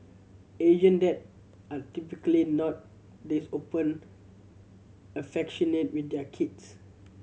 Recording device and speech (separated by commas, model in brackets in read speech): mobile phone (Samsung C7100), read sentence